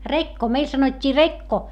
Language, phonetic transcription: Finnish, rekko , meil sanot́t́ii rekko .
- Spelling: rekko meillä sanottiin rekko

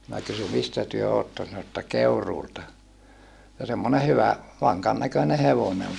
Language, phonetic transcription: Finnish, minä kysy » mistä työ otton̬ » sano ᵉttä » Keuruulta » , ja semmone hyvä , vaŋkan näköne hevone ol .
- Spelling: minä kysyin mistä te olette sanoi että Keuruulta ja semmoinen hyvä vankan näköinen hevonen oli

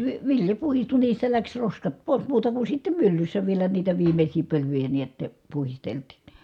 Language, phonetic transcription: Finnish, vi- , vilja puhistu niistä läks roskat pòis muuta ku sittem myllyssä vielä niitä viimeśii pölyjä niät , puhisteltIN .
- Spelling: - vilja puhdistui niistä lähti roskat pois muuta kuin sitten myllyssä vielä niitä viimeisiä pölyjä näet puhdistettiin

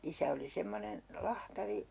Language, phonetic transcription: Finnish, 'isä oli 'semmonen , "lahtari .
- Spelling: isä oli semmoinen lahtari

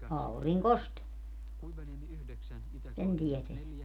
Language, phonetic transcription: Finnish, 'auriŋ"kost , 'sen 'tieteä .
- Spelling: auringosta sen tietää

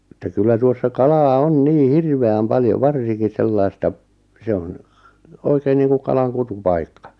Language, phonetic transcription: Finnish, ᵉttä 'kyllä 'tuossa "kalaa "on "nii "hirve₍äm "paljov "varsiŋki "sellaista , 'se on̬ , 'oikeen niiŋkuʿᵏʾ kalaŋ 'kutu'paikka .
- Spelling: että kyllä tuossa kalaa on niin hirveän paljon varsinkin sellaista se on oikein niin kuin kalan kutupaikka

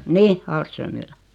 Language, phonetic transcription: Finnish, nih , 'aalströmmillä .
- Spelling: niin Ahlströmillä

